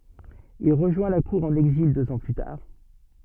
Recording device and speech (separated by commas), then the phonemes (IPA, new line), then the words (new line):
soft in-ear microphone, read sentence
il ʁəʒwɛ̃ la kuʁ ɑ̃n ɛɡzil døz ɑ̃ ply taʁ
Il rejoint la cour en exil deux ans plus tard.